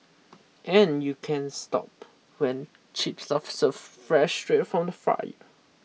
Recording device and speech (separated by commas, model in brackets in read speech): mobile phone (iPhone 6), read sentence